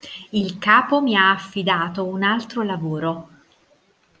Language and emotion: Italian, neutral